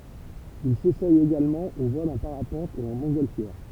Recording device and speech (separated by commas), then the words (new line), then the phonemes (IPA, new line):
temple vibration pickup, read sentence
Il s'essaie également au vol en parapente et en montgolfière.
il sesɛ eɡalmɑ̃ o vɔl ɑ̃ paʁapɑ̃t e ɑ̃ mɔ̃tɡɔlfjɛʁ